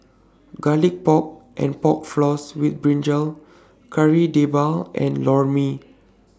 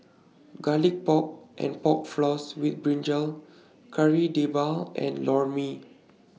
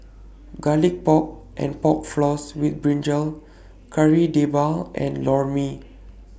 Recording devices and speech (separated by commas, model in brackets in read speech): standing microphone (AKG C214), mobile phone (iPhone 6), boundary microphone (BM630), read sentence